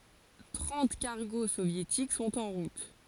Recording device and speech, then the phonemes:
forehead accelerometer, read sentence
tʁɑ̃t kaʁɡo sovjetik sɔ̃t ɑ̃ ʁut

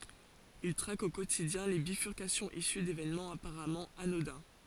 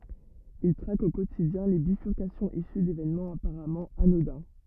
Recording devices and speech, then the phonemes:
forehead accelerometer, rigid in-ear microphone, read sentence
il tʁak o kotidjɛ̃ le bifyʁkasjɔ̃z isy devenmɑ̃z apaʁamɑ̃ anodɛ̃

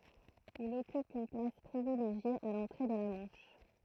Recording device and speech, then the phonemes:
throat microphone, read sentence
il ɔkyp yn plas pʁivileʒje a lɑ̃tʁe də la mɑ̃ʃ

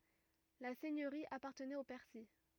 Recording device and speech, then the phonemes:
rigid in-ear microphone, read sentence
la sɛɲøʁi apaʁtənɛt o pɛʁsi

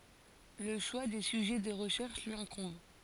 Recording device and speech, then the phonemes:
forehead accelerometer, read sentence
lə ʃwa de syʒɛ də ʁəʃɛʁʃ lyi ɛ̃kɔ̃b

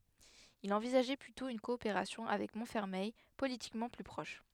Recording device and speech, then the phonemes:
headset microphone, read sentence
il ɑ̃vizaʒɛ plytɔ̃ yn kɔopeʁasjɔ̃ avɛk mɔ̃tfɛʁmɛj politikmɑ̃ ply pʁɔʃ

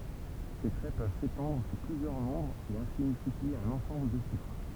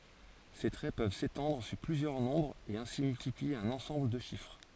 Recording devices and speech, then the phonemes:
temple vibration pickup, forehead accelerometer, read sentence
se tʁɛ pøv setɑ̃dʁ syʁ plyzjœʁ nɔ̃bʁz e ɛ̃si myltiplie œ̃n ɑ̃sɑ̃bl də ʃifʁ

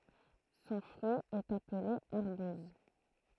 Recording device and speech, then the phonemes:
throat microphone, read sentence
sɔ̃ fʁyi ɛt aple aʁbuz

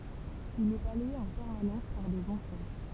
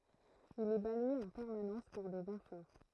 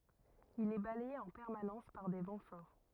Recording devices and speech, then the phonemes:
temple vibration pickup, throat microphone, rigid in-ear microphone, read sentence
il ɛ balɛje ɑ̃ pɛʁmanɑ̃s paʁ de vɑ̃ fɔʁ

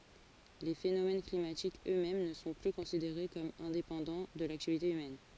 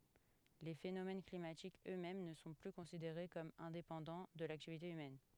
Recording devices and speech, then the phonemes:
forehead accelerometer, headset microphone, read sentence
le fenomɛn klimatikz ø mɛm nə sɔ̃ ply kɔ̃sideʁe kɔm ɛ̃depɑ̃dɑ̃ də laktivite ymɛn

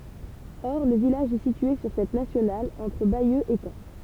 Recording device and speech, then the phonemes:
temple vibration pickup, read sentence
ɔʁ lə vilaʒ ɛ sitye syʁ sɛt nasjonal ɑ̃tʁ bajø e kɑ̃

